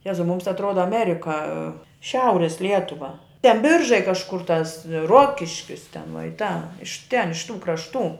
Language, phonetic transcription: Lithuanian, ˈjezau ˈmums atˈroda aˈmerika ˈšiauris ˈlietuva ten ˈbiržai kažˈkur tas ˈruokiškis ten vuo i ta iš ten iš tų krašˈtų

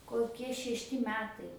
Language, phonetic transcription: Lithuanian, koˈkie šešˈti ˈmetai

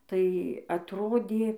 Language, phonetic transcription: Lithuanian, ˈtai atˈrodė

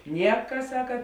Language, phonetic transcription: Lithuanian, ˈnieka ˈsaka

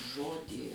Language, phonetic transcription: Lithuanian, ˈžodį

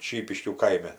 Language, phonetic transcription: Lithuanian, ˈšypiškių ˈkaime

